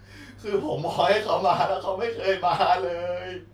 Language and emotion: Thai, sad